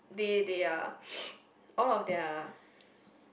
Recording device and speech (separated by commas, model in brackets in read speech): boundary microphone, conversation in the same room